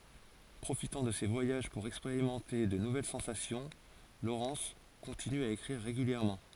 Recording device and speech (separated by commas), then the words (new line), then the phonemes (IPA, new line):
forehead accelerometer, read sentence
Profitant de ses voyages pour expérimenter de nouvelles sensations, Lawrence continue à écrire régulièrement.
pʁofitɑ̃ də se vwajaʒ puʁ ɛkspeʁimɑ̃te də nuvɛl sɑ̃sasjɔ̃ lowʁɛns kɔ̃tiny a ekʁiʁ ʁeɡyljɛʁmɑ̃